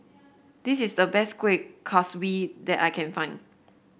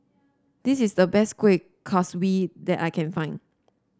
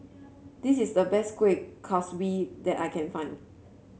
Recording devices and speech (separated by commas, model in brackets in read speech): boundary microphone (BM630), standing microphone (AKG C214), mobile phone (Samsung C7), read sentence